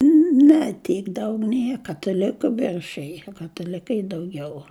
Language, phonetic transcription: Lithuanian, ˈne ˈtyk ˈdaug ˈnie kataˈliku ˈviršij kataˈlikai dauˈgiau

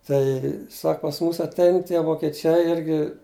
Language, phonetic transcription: Lithuanian, ˈtai ˈsak pas ˈmūs atˈein tie vokeˈčiai ˈirgi

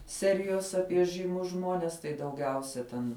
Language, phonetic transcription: Lithuanian, ˈserijos ˈapie žɨˈmus ˈžmones tai dauˈgiausia ten

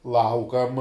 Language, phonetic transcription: Lithuanian, ˈlaukam

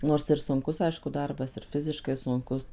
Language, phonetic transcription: Lithuanian, ˈnors ir sunˈkus ˈaišku ˈdarbas ir ˈfiziškai sunˈkus

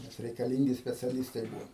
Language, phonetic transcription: Lithuanian, nes reikaˈlyngi speciaˈlistai ˈbūvo

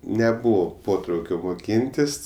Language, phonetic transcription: Lithuanian, neˈbūvo ˈpotraukio moˈkyntis

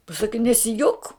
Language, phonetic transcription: Lithuanian, paˈsaki nesiˈjok

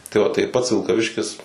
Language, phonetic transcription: Lithuanian, ˈtai o tai ˈpats vilkaˈviškis

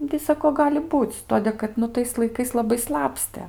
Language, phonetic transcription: Lithuanian, ˈnu tai ˈsako ˈgali ˈbūc ˈtodė kad ˈnu tais laiˈkais laˈbai ˈslapstė

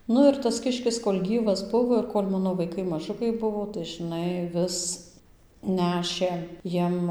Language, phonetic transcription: Lithuanian, ˈnu ir tas ˈkiškis kol' ˈgyvas ˈbuvo ir ˈkol' ˈmano vaiˈkai maˈžukai ˈbuvo tai žɨˈnai ˈvis ˈnešė ˈjiem

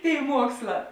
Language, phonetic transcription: Lithuanian, ˈtėi ˈmuoksˌlā

